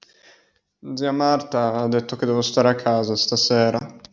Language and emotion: Italian, sad